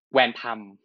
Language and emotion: Thai, neutral